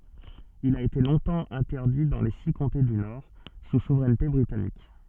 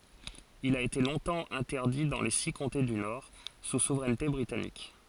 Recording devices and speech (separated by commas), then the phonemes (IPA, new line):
soft in-ear microphone, forehead accelerometer, read sentence
il a ete lɔ̃tɑ̃ ɛ̃tɛʁdi dɑ̃ le si kɔ̃te dy nɔʁ su suvʁɛnte bʁitanik